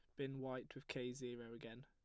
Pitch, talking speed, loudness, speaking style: 125 Hz, 220 wpm, -49 LUFS, plain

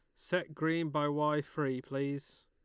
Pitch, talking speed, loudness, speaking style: 150 Hz, 160 wpm, -34 LUFS, Lombard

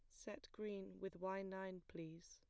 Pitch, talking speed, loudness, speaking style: 190 Hz, 170 wpm, -51 LUFS, plain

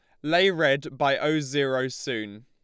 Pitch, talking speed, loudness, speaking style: 140 Hz, 165 wpm, -25 LUFS, Lombard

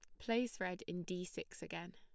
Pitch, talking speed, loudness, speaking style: 185 Hz, 205 wpm, -43 LUFS, plain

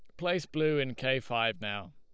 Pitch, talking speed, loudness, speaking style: 130 Hz, 210 wpm, -31 LUFS, Lombard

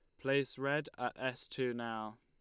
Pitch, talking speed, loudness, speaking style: 130 Hz, 180 wpm, -38 LUFS, Lombard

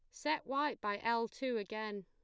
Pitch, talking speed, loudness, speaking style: 230 Hz, 195 wpm, -38 LUFS, plain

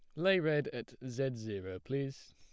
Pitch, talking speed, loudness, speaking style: 130 Hz, 170 wpm, -36 LUFS, plain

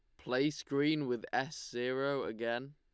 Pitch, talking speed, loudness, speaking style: 135 Hz, 140 wpm, -35 LUFS, Lombard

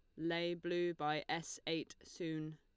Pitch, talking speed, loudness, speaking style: 165 Hz, 155 wpm, -41 LUFS, Lombard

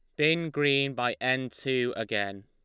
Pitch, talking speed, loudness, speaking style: 130 Hz, 160 wpm, -28 LUFS, Lombard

